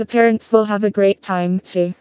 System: TTS, vocoder